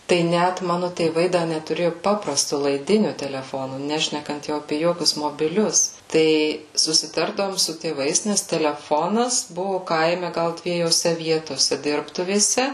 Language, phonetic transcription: Lithuanian, tai ˈnæt ˈmanu tėˈvai da netuˈrėju ˈpaprastu laiˈdiniu teleˈfonu ˈnešnekant jau aˈpė ˈjokius mobiˈlius tai susiˈtardavom su tėˈvais nes teleˈfonas ˈbuvu ˈkaime ˈgal dviejoˈse ˈvietose ˈdirbtuvėse

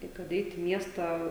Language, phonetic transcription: Lithuanian, ˈtai kad ˈeit i ˈmiestą

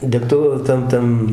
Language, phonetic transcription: Lithuanian, degˈtu ˈtam ˈtam

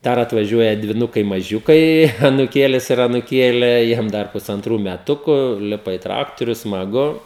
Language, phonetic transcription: Lithuanian, ˈdar atvaˈžiuoja dviˈnukai maˈžiukai anuˈkėlis ir anuˈkėlė ˈjiem dar pusanˈtrų meˈtuku ˈlipa i ˈtraktoriu smaˈgu

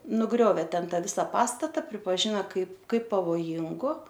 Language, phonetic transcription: Lithuanian, nuˈgriovė ˈten ˈtą ˈvisa ˈpastata pripaˈžina ˈkaip ˈkaip pavoˈjingu

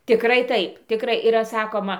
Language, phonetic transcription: Lithuanian, tiˈkrai ˈtaip tiˈkrai yˈra ˈsakoma

